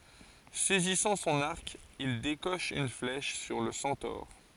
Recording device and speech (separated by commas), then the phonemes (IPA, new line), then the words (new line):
forehead accelerometer, read sentence
sɛzisɑ̃ sɔ̃n aʁk il dekɔʃ yn flɛʃ syʁ lə sɑ̃tɔʁ
Saisissant son arc, il décoche une flèche sur le centaure.